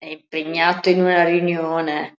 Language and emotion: Italian, disgusted